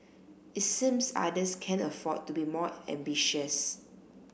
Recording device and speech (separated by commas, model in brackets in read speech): boundary microphone (BM630), read sentence